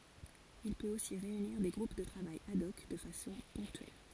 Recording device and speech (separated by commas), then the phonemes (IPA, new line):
forehead accelerometer, read sentence
il pøt osi ʁeyniʁ de ɡʁup də tʁavaj ad ɔk də fasɔ̃ pɔ̃ktyɛl